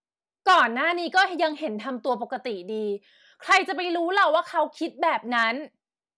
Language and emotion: Thai, angry